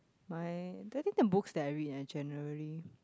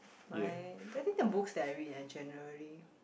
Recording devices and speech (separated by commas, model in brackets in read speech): close-talking microphone, boundary microphone, conversation in the same room